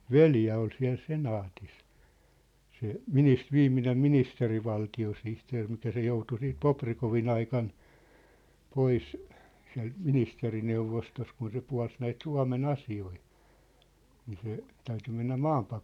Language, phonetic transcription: Finnish, veljä ol siä̭l "senaatis , se , "minis- , 'viimminem "ministeri'valti₍osihteer mikä se 'joutu 'siit "Poprikovi'n‿ aikan , 'pois , siä̭lt "ministeri'neuvostost kun se 'pua̭ls näit "Sua̭me"n ‿asi₍oi , nii se , 'täyty mennä "maampak- ,.
- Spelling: veli oli siellä senaatissa se - viimeinen ministerivaltiosihteeri mikä se joutui sitten Bobrikovin aikana pois sieltä ministerineuvostosta kun se puolsi näitä Suomen asioita niin se täytyi mennä -

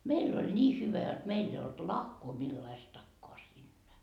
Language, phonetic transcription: Finnish, 'meill ‿oĺ 'ńii hyvä jot 'meill ‿ei olt "lahkoo millaistakkoa siinnä .
- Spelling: meillä oli niin hyvä jotta meillä ei ollut lahkoa millaistakaan siinä

